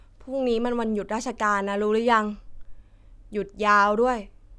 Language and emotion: Thai, frustrated